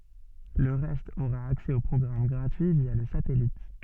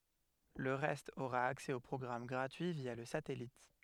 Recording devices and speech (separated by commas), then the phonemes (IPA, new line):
soft in-ear microphone, headset microphone, read sentence
lə ʁɛst oʁa aksɛ o pʁɔɡʁam ɡʁatyi vja lə satɛlit